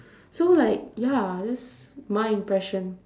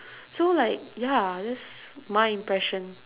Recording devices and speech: standing microphone, telephone, conversation in separate rooms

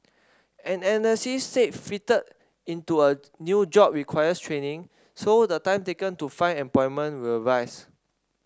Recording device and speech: standing microphone (AKG C214), read sentence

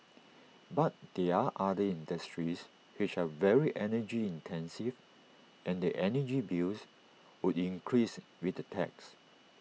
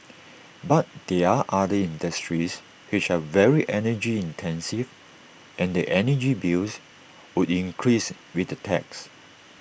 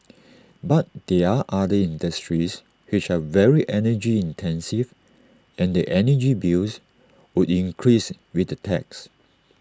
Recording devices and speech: mobile phone (iPhone 6), boundary microphone (BM630), standing microphone (AKG C214), read sentence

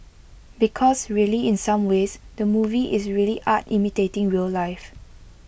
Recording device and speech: boundary microphone (BM630), read sentence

